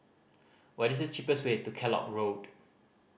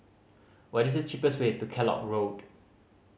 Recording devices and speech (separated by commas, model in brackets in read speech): boundary microphone (BM630), mobile phone (Samsung C5010), read sentence